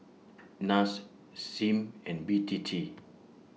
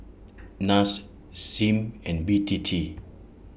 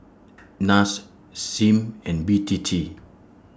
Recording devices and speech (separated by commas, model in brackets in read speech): mobile phone (iPhone 6), boundary microphone (BM630), standing microphone (AKG C214), read sentence